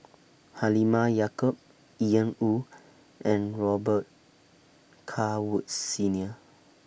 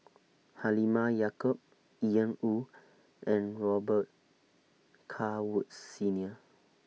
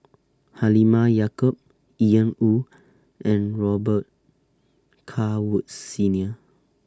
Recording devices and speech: boundary microphone (BM630), mobile phone (iPhone 6), standing microphone (AKG C214), read sentence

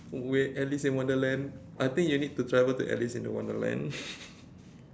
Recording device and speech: standing microphone, conversation in separate rooms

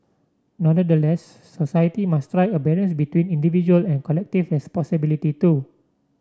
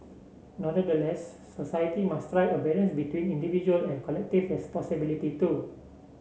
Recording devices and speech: standing microphone (AKG C214), mobile phone (Samsung C7), read sentence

